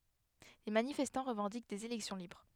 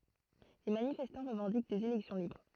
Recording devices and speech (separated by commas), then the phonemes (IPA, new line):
headset microphone, throat microphone, read sentence
le manifɛstɑ̃ ʁəvɑ̃dik dez elɛksjɔ̃ libʁ